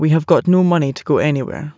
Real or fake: real